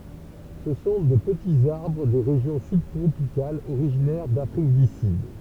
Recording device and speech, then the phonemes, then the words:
temple vibration pickup, read sentence
sə sɔ̃ də pətiz aʁbʁ de ʁeʒjɔ̃ sybtʁopikalz oʁiʒinɛʁ dafʁik dy syd
Ce sont de petits arbres des régions subtropicales, originaires d'Afrique du Sud.

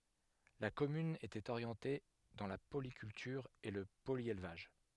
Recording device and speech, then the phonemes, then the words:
headset microphone, read sentence
la kɔmyn etɛt oʁjɑ̃te dɑ̃ la polikyltyʁ e lə poljelvaʒ
La commune était orientée dans la polyculture et le polyélevage.

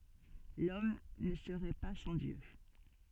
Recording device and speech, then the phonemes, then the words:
soft in-ear microphone, read sentence
lɔm nə səʁɛ pa sɑ̃ djø
L'homme ne serait pas sans Dieu.

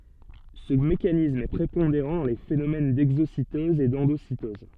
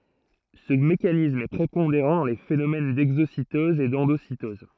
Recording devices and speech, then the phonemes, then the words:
soft in-ear microphone, throat microphone, read sentence
sə mekanism ɛ pʁepɔ̃deʁɑ̃ dɑ̃ le fenomɛn dɛɡzositɔz e dɑ̃dositɔz
Ce mécanisme est prépondérant dans les phénomènes d'exocytose et d'endocytose.

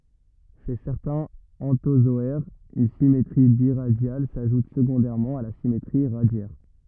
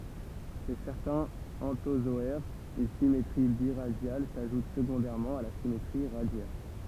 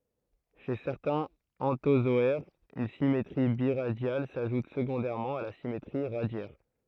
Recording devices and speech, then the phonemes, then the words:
rigid in-ear microphone, temple vibration pickup, throat microphone, read sentence
ʃe sɛʁtɛ̃z ɑ̃tozɔɛʁz yn simetʁi biʁadjal saʒut səɡɔ̃dɛʁmɑ̃ a la simetʁi ʁadjɛʁ
Chez certains anthozoaires, une symétrie biradiale s'ajoute secondairement à la symétrie radiaire.

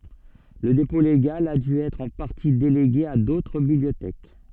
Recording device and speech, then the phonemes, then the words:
soft in-ear microphone, read sentence
lə depɔ̃ leɡal a dy ɛtʁ ɑ̃ paʁti deleɡe a dotʁ bibliotɛk
Le dépôt légal a dû être en partie délégué à d'autres bibliothèques.

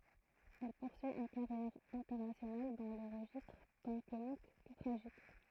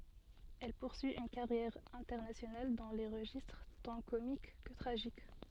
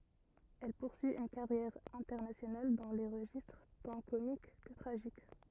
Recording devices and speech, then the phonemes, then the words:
throat microphone, soft in-ear microphone, rigid in-ear microphone, read sentence
ɛl puʁsyi yn kaʁjɛʁ ɛ̃tɛʁnasjonal dɑ̃ le ʁəʒistʁ tɑ̃ komik kə tʁaʒik
Elle poursuit une carrière internationale dans les registres tant comiques que tragiques.

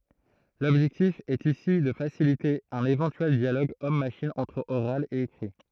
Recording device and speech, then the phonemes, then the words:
throat microphone, read sentence
lɔbʒɛktif ɛt isi də fasilite œ̃n evɑ̃tyɛl djaloɡ ɔm maʃin ɑ̃tʁ oʁal e ekʁi
L'objectif est ici de faciliter un éventuel dialogue homme-machine entre oral et écrit.

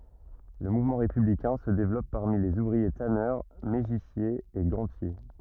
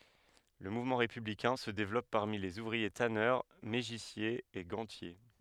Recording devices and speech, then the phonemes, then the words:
rigid in-ear microphone, headset microphone, read sentence
lə muvmɑ̃ ʁepyblikɛ̃ sə devlɔp paʁmi lez uvʁie tanœʁ meʒisjez e ɡɑ̃tje
Le mouvement républicain se développe parmi les ouvriers tanneurs, mégissiers et gantiers.

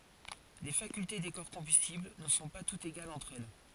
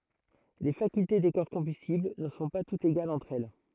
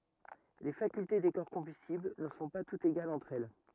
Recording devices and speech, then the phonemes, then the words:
forehead accelerometer, throat microphone, rigid in-ear microphone, read sentence
le fakylte de kɔʁ kɔ̃bystibl nə sɔ̃ pa tutz eɡalz ɑ̃tʁ ɛl
Les facultés des corps combustibles ne sont pas toutes égales entre elles.

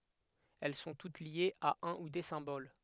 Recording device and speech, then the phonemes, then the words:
headset microphone, read sentence
ɛl sɔ̃ tut ljez a œ̃ u de sɛ̃bol
Elles sont toutes liées à un ou des symboles.

